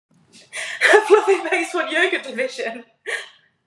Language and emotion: English, happy